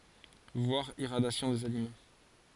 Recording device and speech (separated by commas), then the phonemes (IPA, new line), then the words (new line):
forehead accelerometer, read sentence
vwaʁ iʁadjasjɔ̃ dez alimɑ̃
Voir Irradiation des aliments.